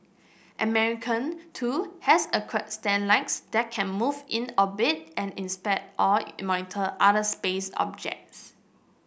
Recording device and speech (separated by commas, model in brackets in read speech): boundary microphone (BM630), read sentence